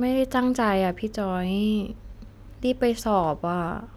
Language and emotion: Thai, frustrated